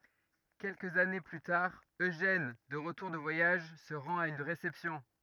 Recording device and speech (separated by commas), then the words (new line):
rigid in-ear microphone, read sentence
Quelques années plus tard, Eugène, de retour de voyage, se rend à une réception.